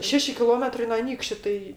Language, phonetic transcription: Lithuanian, ˈšeši kiˈlometrai no ˈanykščiu ˈtai

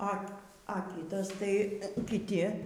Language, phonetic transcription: Lithuanian, a a ˈkytas tai kiˈti

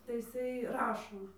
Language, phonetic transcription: Lithuanian, tai iˈsai ˈrašo

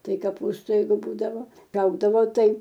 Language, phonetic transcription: Lithuanian, ˈtai kaˈpūstu ˈjeigu ˈbūdavo ˈraugdavo ˈtai

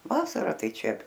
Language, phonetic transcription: Lithuanian, ˈvasara ˈtai ˈčia

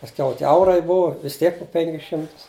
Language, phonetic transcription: Lithuanian, pasˈkiau tie ˈaurai ˈbuva vis ˈtiek pu ˈpenkis ˈšimtus

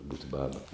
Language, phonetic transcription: Lithuanian, būt' ˈbaba

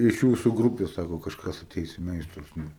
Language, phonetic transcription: Lithuanian, iš ˈjūsu ˈgrupės ˈsako kažˈkas aˈteis i ˈmeistrus ˈnu

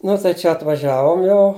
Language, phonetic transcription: Lithuanian, ˈnu tai ˈčia atvaˈžiavom ˈjau

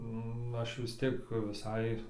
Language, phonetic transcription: Lithuanian, nu ˈaš vis ˈtiek viˈsai

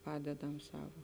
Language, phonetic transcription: Lithuanian, ˈpadedam ˈsavo

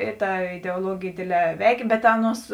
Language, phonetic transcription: Lithuanian, ˈi ˌta ideuoˈluogėj ˈdėdˌlē ˈveikė bet ˈaˌnuos

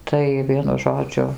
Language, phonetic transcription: Lithuanian, ˈtai ˈvienu ˈžodžiu

